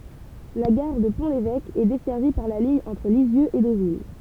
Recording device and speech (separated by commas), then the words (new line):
temple vibration pickup, read sentence
La gare de Pont-l'Évêque, est desservie par la ligne entre Lisieux et Deauville.